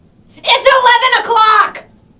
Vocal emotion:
angry